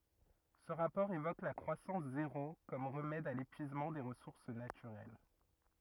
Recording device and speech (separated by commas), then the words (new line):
rigid in-ear microphone, read sentence
Ce rapport évoque la croissance zéro comme remède à l'épuisement des ressources naturelles.